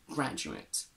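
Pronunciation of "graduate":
In 'graduate', the stress is on the first syllable, and the last syllable has a schwa rather than the full diphthong. This is how the noun is pronounced, not the verb.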